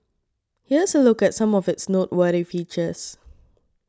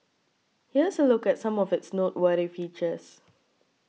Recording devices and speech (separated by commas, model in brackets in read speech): standing microphone (AKG C214), mobile phone (iPhone 6), read sentence